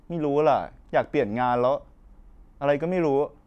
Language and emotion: Thai, frustrated